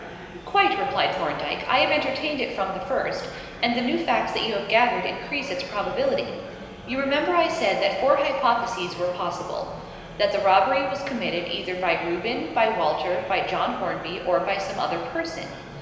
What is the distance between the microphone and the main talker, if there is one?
1.7 m.